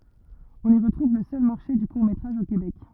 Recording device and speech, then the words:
rigid in-ear microphone, read sentence
On y retrouve le seul Marché du court métrage au Québec.

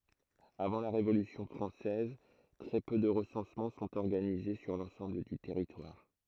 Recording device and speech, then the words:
throat microphone, read sentence
Avant la Révolution française, très peu de recensements sont organisés sur l’ensemble du territoire.

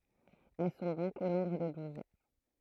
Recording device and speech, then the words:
throat microphone, read sentence
Elles sont donc au nombre de douze.

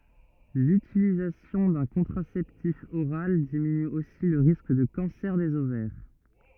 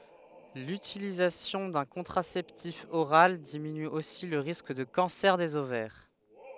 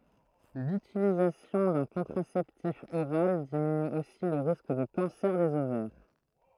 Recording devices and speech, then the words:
rigid in-ear microphone, headset microphone, throat microphone, read sentence
L'utilisation d'un contraceptif oral diminue aussi le risque de cancer des ovaires.

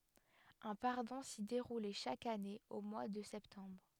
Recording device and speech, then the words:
headset microphone, read sentence
Un pardon s'y déroulait chaque année au mois de septembre.

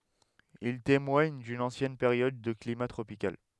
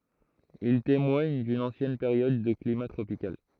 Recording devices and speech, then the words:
headset microphone, throat microphone, read sentence
Ils témoignent d'une ancienne période de climat tropical.

